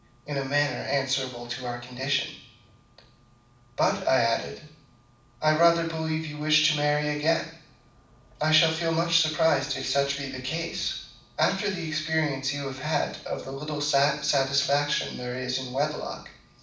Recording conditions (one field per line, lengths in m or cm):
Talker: one person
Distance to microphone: 5.8 m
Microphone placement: far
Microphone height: 1.8 m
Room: medium-sized (5.7 m by 4.0 m)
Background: none